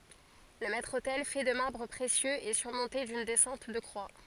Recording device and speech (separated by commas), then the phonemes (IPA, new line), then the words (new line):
forehead accelerometer, read sentence
lə mɛtʁ otɛl fɛ də maʁbʁ pʁesjøz ɛ syʁmɔ̃te dyn dɛsɑ̃t də kʁwa
Le maître-autel, fait de marbres précieux, est surmonté d’une descente de croix.